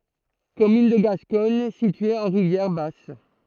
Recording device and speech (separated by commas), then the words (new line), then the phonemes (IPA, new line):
throat microphone, read sentence
Commune de Gascogne située en Rivière-Basse.
kɔmyn də ɡaskɔɲ sitye ɑ̃ ʁivjɛʁ bas